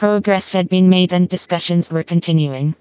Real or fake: fake